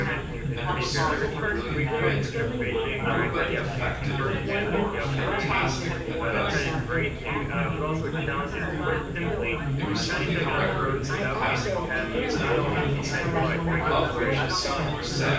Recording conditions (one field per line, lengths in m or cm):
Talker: one person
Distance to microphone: 9.8 m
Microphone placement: far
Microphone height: 1.8 m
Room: large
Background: babble